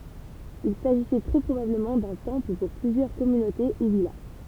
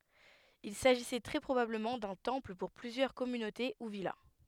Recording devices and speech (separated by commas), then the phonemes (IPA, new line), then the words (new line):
temple vibration pickup, headset microphone, read sentence
il saʒisɛ tʁɛ pʁobabləmɑ̃ dœ̃ tɑ̃pl puʁ plyzjœʁ kɔmynote u vila
Il s’agissait très probablement d'un temple pour plusieurs communautés ou villas.